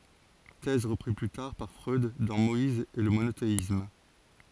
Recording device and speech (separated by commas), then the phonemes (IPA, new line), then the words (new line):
forehead accelerometer, read sentence
tɛz ʁəpʁiz ply taʁ paʁ fʁœd dɑ̃ mɔiz e lə monoteism
Thèse reprise plus tard par Freud dans Moïse et le monothéisme.